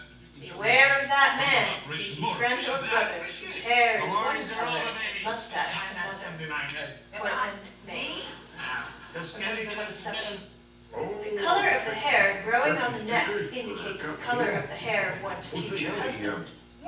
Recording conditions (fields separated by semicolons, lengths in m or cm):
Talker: one person; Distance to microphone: 9.8 m; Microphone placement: far; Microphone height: 1.8 m; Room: large; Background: television